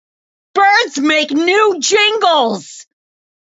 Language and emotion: English, fearful